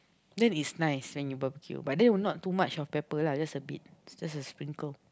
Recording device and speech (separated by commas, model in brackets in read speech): close-talking microphone, conversation in the same room